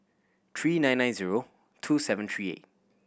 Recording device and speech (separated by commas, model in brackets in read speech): boundary microphone (BM630), read sentence